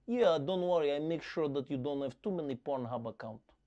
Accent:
Russian accent